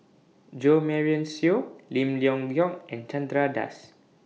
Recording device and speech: mobile phone (iPhone 6), read sentence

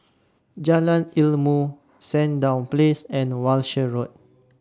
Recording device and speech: standing microphone (AKG C214), read sentence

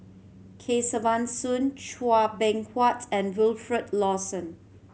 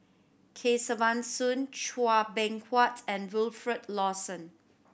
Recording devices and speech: mobile phone (Samsung C7100), boundary microphone (BM630), read sentence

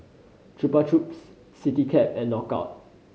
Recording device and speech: mobile phone (Samsung C5010), read sentence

